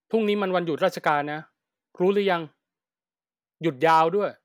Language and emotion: Thai, frustrated